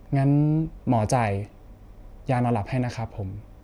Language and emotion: Thai, neutral